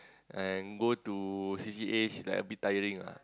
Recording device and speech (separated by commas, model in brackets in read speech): close-talking microphone, conversation in the same room